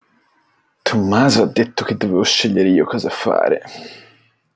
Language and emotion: Italian, disgusted